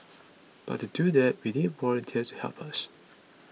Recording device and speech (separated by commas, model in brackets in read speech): mobile phone (iPhone 6), read sentence